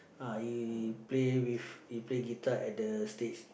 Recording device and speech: boundary microphone, conversation in the same room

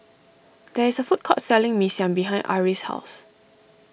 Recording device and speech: boundary microphone (BM630), read sentence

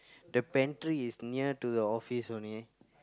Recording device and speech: close-talking microphone, conversation in the same room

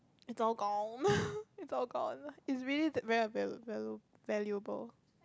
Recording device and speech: close-talking microphone, conversation in the same room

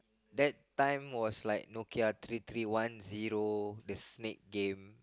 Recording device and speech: close-talking microphone, conversation in the same room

